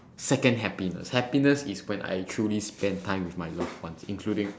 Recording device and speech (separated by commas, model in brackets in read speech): standing microphone, conversation in separate rooms